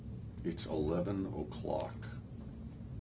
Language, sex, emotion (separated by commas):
English, male, neutral